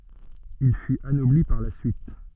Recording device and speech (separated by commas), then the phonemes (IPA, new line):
soft in-ear microphone, read sentence
il fyt anɔbli paʁ la syit